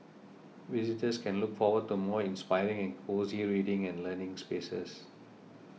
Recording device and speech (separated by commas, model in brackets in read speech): mobile phone (iPhone 6), read sentence